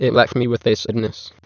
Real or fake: fake